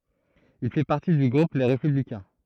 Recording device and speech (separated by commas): throat microphone, read sentence